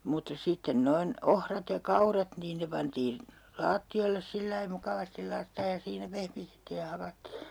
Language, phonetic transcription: Finnish, mutta 'sitten 'noin , "ohrat ja "kaurat niin 'ne pantiin , 'laatti₍oilles sillai 'mukavastil laitta₍ej ja 'siinä "pehmitettiij ja 'hakattii .
- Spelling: mutta sitten noin ohrat ja kaurat niin ne pantiin lattioille sillä lailla mukavasti laittaen ja siinä pehmitettiin ja hakattiin

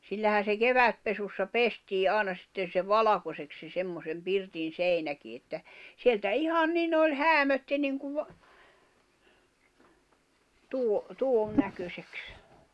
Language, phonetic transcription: Finnish, 'sillähän̬ se "kevätpesussa "pestii '’ài̬na sⁱtten̬ se "valakoseks se 'semmosem 'pirtin̬ "seinäki että , 'sieltä "ihan "nin ‿oĺ "häämötti niŋkuv , tuo , 'tuon 'näköseks .
- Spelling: sillähän se kevätpesussa pestiin aina sitten se valkoiseksi se semmoisen pirtin seinäkin että sieltä ihan niin oli häämötti niin kuin tuo tuon näköiseksi

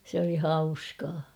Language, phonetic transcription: Finnish, se ‿oli 'hauskaa .
- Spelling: se oli hauskaa

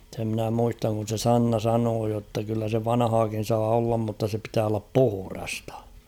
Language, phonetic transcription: Finnish, se ‿mnä 'muistaŋ kun̬ se "Sanna 'sanoo jotta kyllä se "vanᵃhaakin̬ saa 'ollam mutta se pitää ollap "puhᵘrastᴀ .
- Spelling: sen minä muistan kun se Sanna sanoi jotta kyllä se vanhaakin saa olla mutta se pitää olla puhdasta

